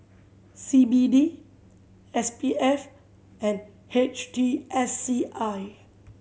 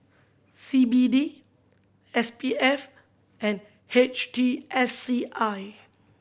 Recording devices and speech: mobile phone (Samsung C7100), boundary microphone (BM630), read sentence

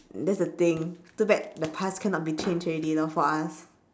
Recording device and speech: standing microphone, conversation in separate rooms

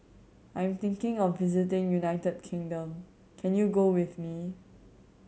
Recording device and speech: mobile phone (Samsung C7100), read sentence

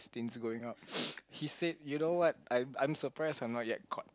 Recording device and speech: close-talking microphone, conversation in the same room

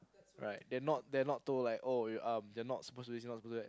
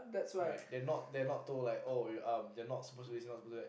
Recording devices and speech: close-talking microphone, boundary microphone, conversation in the same room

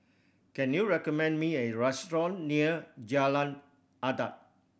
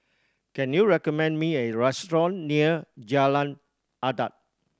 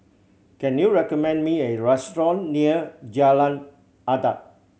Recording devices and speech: boundary microphone (BM630), standing microphone (AKG C214), mobile phone (Samsung C7100), read sentence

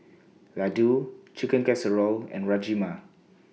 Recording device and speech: mobile phone (iPhone 6), read sentence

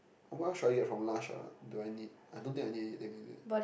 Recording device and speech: boundary microphone, conversation in the same room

